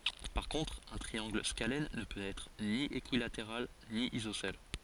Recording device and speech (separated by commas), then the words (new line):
forehead accelerometer, read sentence
Par contre un triangle scalène ne peut être ni équilatéral ni isocèle.